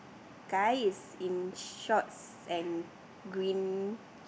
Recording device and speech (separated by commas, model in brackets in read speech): boundary microphone, conversation in the same room